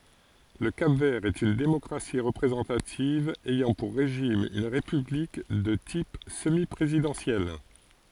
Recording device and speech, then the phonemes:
forehead accelerometer, read sentence
lə kap vɛʁ ɛt yn demɔkʁasi ʁəpʁezɑ̃tativ ɛjɑ̃ puʁ ʁeʒim yn ʁepyblik də tip səmi pʁezidɑ̃sjɛl

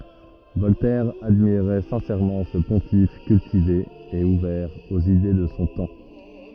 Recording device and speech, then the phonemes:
rigid in-ear microphone, read sentence
vɔltɛʁ admiʁɛ sɛ̃sɛʁmɑ̃ sə pɔ̃tif kyltive e uvɛʁ oz ide də sɔ̃ tɑ̃

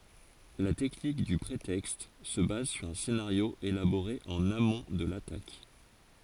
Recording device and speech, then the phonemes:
forehead accelerometer, read sentence
la tɛknik dy pʁetɛkst sə baz syʁ œ̃ senaʁjo elaboʁe ɑ̃n amɔ̃ də latak

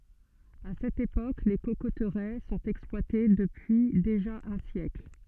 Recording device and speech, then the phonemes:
soft in-ear microphone, read sentence
a sɛt epok le kokotʁɛ sɔ̃t ɛksplwate dəpyi deʒa œ̃ sjɛkl

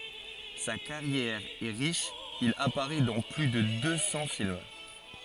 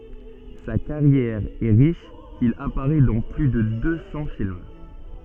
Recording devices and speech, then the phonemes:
forehead accelerometer, soft in-ear microphone, read sentence
sa kaʁjɛʁ ɛ ʁiʃ il apaʁɛ dɑ̃ ply də dø sɑ̃ film

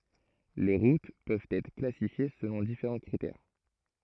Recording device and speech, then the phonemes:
throat microphone, read sentence
le ʁut pøvt ɛtʁ klasifje səlɔ̃ difeʁɑ̃ kʁitɛʁ

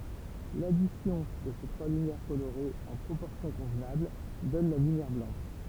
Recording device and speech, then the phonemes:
temple vibration pickup, read sentence
ladisjɔ̃ də se tʁwa lymjɛʁ koloʁez ɑ̃ pʁopɔʁsjɔ̃ kɔ̃vnabl dɔn la lymjɛʁ blɑ̃ʃ

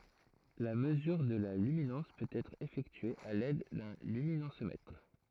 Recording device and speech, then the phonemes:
throat microphone, read sentence
la məzyʁ də la lyminɑ̃s pøt ɛtʁ efɛktye a lɛd dœ̃ lyminɑ̃smɛtʁ

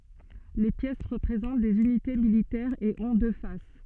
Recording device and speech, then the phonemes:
soft in-ear microphone, read sentence
le pjɛs ʁəpʁezɑ̃t dez ynite militɛʁz e ɔ̃ dø fas

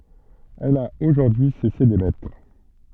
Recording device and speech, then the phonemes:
soft in-ear microphone, read sentence
ɛl a oʒuʁdyi y sɛse demɛtʁ

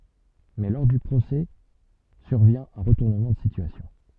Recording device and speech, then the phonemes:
soft in-ear microphone, read sentence
mɛ lɔʁ dy pʁosɛ syʁvjɛ̃ œ̃ ʁətuʁnəmɑ̃ də sityasjɔ̃

